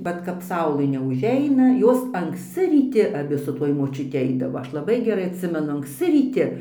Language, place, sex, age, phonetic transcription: Lithuanian, Dzūkija, female, 60+, ˈvat kap ˈsaulɘ neuˈžeina ˈjos anksˈci ryˈti aˈbi su ˈtuoj močiuˈti ˈaidavo ˈaš laˈbai geˈrai atˈsimenu ankˈsci ryˈti

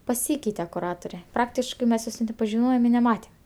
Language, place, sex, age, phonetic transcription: Lithuanian, Aukštaitija, female, 18-60, paˈsykeite kuˈrature ˈpraktiškɜ mes ˈjos net nepažiˈnojem i neˈmatem

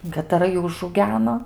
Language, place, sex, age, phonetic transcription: Lithuanian, Aukštaitija, female, 18-60, kataˈra ˈjų užauˈgeno

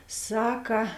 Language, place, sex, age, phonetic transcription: Lithuanian, Žemaitija, female, 18-60, ˈsaka

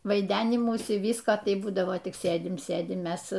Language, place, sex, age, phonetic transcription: Lithuanian, Aukštaitija, female, 60+, vaiˈdenimųsi ˈvysko ˈtai ˈbūdavo tik ˈsėdim ˈsėdim ˈmes

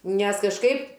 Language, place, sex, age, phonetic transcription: Lithuanian, Aukštaitija, female, 60+, nes kažˈkaip

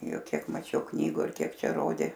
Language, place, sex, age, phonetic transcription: Lithuanian, Aukštaitija, female, 60+, ˈjuk ˈkiek maˈčiau ˈknygu ir ˈkiek ˈčia ˈrodė

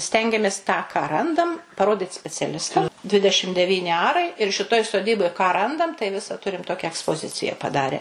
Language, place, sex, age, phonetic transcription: Lithuanian, Suvalkija, female, 60+, ˈstengiamės tą ką ˈrandam paˈrodit speciaˈlistam ˈdvidešim deˈvyni ˈarai ir šiˈtoj soˈdyboj ką ˈrandam tai ˈvisa ˈturim ˈtokia ekspoˈzicija paˈdare

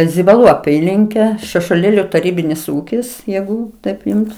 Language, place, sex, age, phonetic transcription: Lithuanian, Aukštaitija, female, 60+, zibaˈlų aˈpylinke šešuoˈlėliu taˈrybinis ˈūkis ˈjeigu ˈtaip ˈjums

